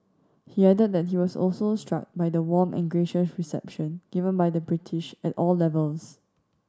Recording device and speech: standing microphone (AKG C214), read sentence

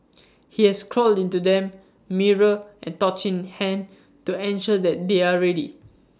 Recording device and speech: standing microphone (AKG C214), read sentence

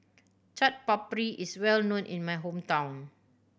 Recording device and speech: boundary microphone (BM630), read sentence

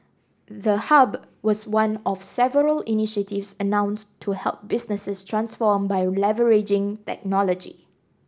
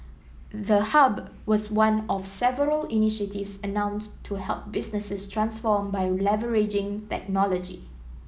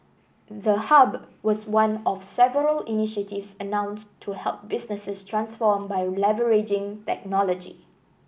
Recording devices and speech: standing microphone (AKG C214), mobile phone (iPhone 7), boundary microphone (BM630), read sentence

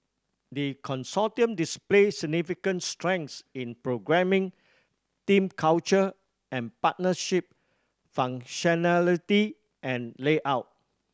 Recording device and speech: standing microphone (AKG C214), read sentence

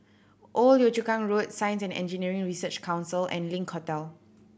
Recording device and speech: boundary microphone (BM630), read sentence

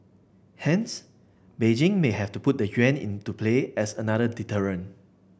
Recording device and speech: boundary microphone (BM630), read sentence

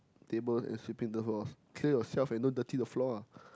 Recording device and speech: close-talking microphone, conversation in the same room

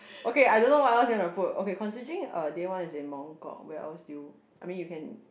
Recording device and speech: boundary microphone, conversation in the same room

